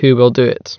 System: none